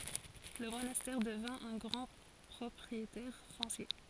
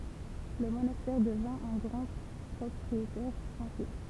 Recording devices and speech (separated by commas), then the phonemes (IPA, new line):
forehead accelerometer, temple vibration pickup, read sentence
lə monastɛʁ dəvɛ̃ œ̃ ɡʁɑ̃ pʁɔpʁietɛʁ fɔ̃sje